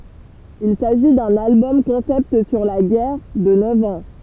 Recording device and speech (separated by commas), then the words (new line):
temple vibration pickup, read sentence
Il s'agit d'un album concept sur la guerre de neuf ans.